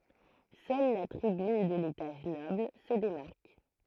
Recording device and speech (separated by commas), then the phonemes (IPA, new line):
throat microphone, read sentence
sœl la tʁibyn də letaʒ nɔbl sə demaʁk